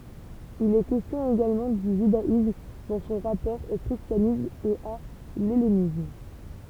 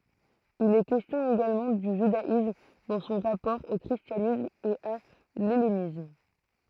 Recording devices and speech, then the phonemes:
temple vibration pickup, throat microphone, read sentence
il ɛ kɛstjɔ̃ eɡalmɑ̃ dy ʒydaism dɑ̃ sɔ̃ ʁapɔʁ o kʁistjanism e a lɛlenism

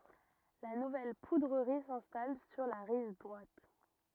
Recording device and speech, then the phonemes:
rigid in-ear microphone, read sentence
la nuvɛl pudʁəʁi sɛ̃stal syʁ la ʁiv dʁwat

